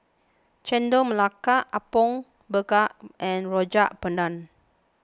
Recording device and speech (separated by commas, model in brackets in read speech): close-talking microphone (WH20), read sentence